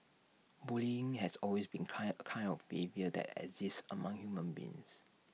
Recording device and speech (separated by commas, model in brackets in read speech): mobile phone (iPhone 6), read sentence